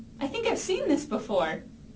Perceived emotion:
happy